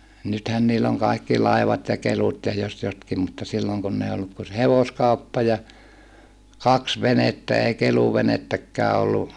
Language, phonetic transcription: Finnish, nythän niill ‿oŋ kàikki laivat ja kelut́ ja jos jotkim mutta silloŋ kunn ‿ei olluk ku se hevoskauppa ja , kaks venettä ei keluvenettäkkää ollu ,.
- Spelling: nythän niillä on kaikki laivat ja kelut ja jos jotkin mutta silloin kun ei ollut kuin se hevoskauppa ja kaksi venettä ei keluvenettäkään ollut

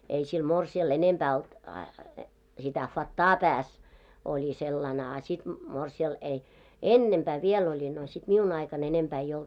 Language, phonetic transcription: Finnish, ei sil 'mor§si₍al 'enempää olt , sitä 'fat"taa 'pääs , oĺi sellan ‿a sit , morsi₍al ei , "ennempää 'viel 'oĺi no sit 'miun ‿aika'n ‿enempää ei 'olt .
- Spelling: ei sillä morsiamella enempää ollut sitä fattaa päässä oli sellainen a sitten morsian ei ennempää vielä oli no sitten minun aikana enempää ei ollut

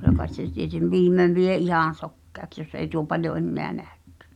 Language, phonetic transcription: Finnish, kylä kai̬t se tietem̳ "viimmev vie '’ihàn̬ sokkeaks jos ei tuo paljo 'enneä "neäkkᴀ̳̈ .
- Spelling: kyllä kai se tieten viimein vie ihan sokeaksi jos ei tuo paljon enää näekään

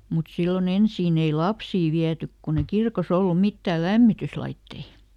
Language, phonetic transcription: Finnish, mut ˈsilloˈn ‿ensiin ‿ei "lapsii viätyk kun ‿e ˈkirkoˈs ‿ollu ˈmittää "lämmityslaittei .
- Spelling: mutta silloin ensin ei lapsia viety kun ei kirkossa ollut mitään lämmityslaitteita

